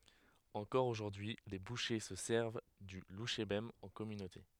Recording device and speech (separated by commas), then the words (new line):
headset microphone, read sentence
Encore aujourd'hui les bouchers se servent du louchébem en communauté.